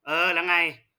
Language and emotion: Thai, frustrated